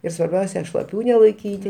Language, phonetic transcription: Lithuanian, ir svarˈbiausia šlaˈpių nelaiˈkyti

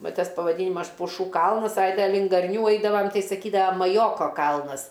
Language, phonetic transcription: Lithuanian, ˈva ˈtas pavaˈdynimas puˈšų ˈkalnas ai ˈten link garˈnių ˈaidavam ˈtai saˈkydava maˈjoko ˈkalnas

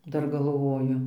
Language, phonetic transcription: Lithuanian, ˈdar galˈvoju

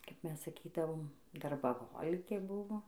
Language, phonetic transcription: Lithuanian, kap ˈmes saˈkydavom darbaˈholikė ˈbuvo

